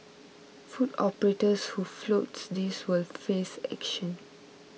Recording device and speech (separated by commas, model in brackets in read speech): mobile phone (iPhone 6), read sentence